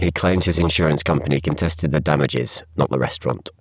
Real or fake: fake